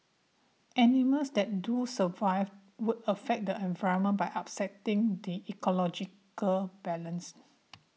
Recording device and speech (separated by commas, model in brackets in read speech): mobile phone (iPhone 6), read sentence